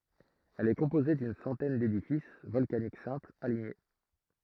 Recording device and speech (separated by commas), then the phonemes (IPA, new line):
throat microphone, read sentence
ɛl ɛ kɔ̃poze dyn sɑ̃tɛn dedifis vɔlkanik sɛ̃plz aliɲe